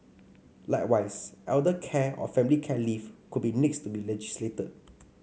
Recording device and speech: mobile phone (Samsung C5), read sentence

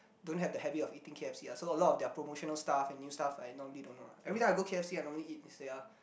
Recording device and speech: boundary microphone, conversation in the same room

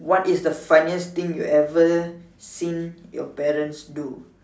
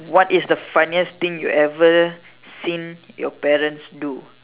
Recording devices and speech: standing microphone, telephone, conversation in separate rooms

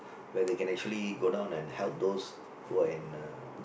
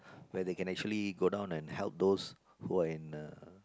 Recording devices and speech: boundary microphone, close-talking microphone, conversation in the same room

